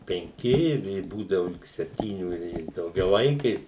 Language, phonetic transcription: Lithuanian, penˈki i ˈvė ˈbūdavu lig sepˈtyniu i daugiaˈvaikės

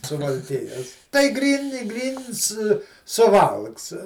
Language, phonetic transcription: Lithuanian, suvalˈkijos tai ˈgryn i ˈgryns suˈvalks

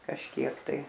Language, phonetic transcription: Lithuanian, kažˈkiek tai

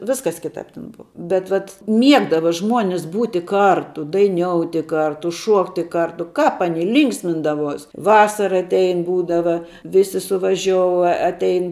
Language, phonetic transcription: Lithuanian, ˈviskas ˈkitāp ten ˈbuva bet ˈvat ˈmiegdava ˈžmuonis ˈbūti ˈkartu daiˈniouti ˈkartu ˈšuokti ˈkartu ˈkāp aˈni ˈlynksmindavuos ˈvasara atˈein ˈbūdava ˈvisi suvaˈžiou a atˈein

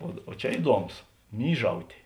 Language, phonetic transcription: Lithuanian, o o ˈčia ˈiduoˌmos ˈmyžautė

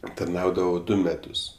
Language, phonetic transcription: Lithuanian, tarˈnaudavo ˈdu meˈtus

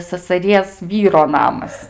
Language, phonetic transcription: Lithuanian, sasaˈries ˈvyro ˈnamas

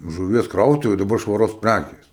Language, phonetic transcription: Lithuanian, žuˈvies ˈkrautuvi daˈbar švaˈros ˈprækės

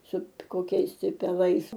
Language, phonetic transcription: Lithuanian, ˈsu koˈkiais ti peˈlais

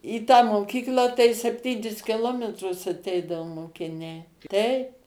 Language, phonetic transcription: Lithuanian, į tą moˈkyklą tai sepˈtynis kiˈlometrus aˈteidavo mokiˈniai ˈteip

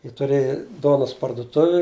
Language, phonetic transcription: Lithuanian, jie tuˈrėji ˈduonas parduˈtuvi

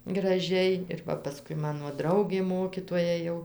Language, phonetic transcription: Lithuanian, graˈžiai ir ˈva paˈskui ˈmano ˈdraugė ˈmokitoja jau

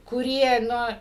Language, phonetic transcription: Lithuanian, kuˈrie ˈnu

